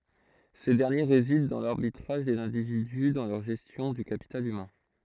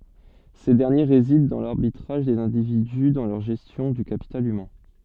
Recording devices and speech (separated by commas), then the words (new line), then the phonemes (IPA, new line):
throat microphone, soft in-ear microphone, read sentence
Ces derniers résident dans l’arbitrage des individus dans leur gestion du capital humain.
se dɛʁnje ʁezidɑ̃ dɑ̃ laʁbitʁaʒ dez ɛ̃dividy dɑ̃ lœʁ ʒɛstjɔ̃ dy kapital ymɛ̃